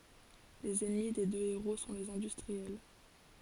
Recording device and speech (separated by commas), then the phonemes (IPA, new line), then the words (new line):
forehead accelerometer, read sentence
lez ɛnmi de dø eʁo sɔ̃ lez ɛ̃dystʁiɛl
Les ennemis des deux héros sont les industriels.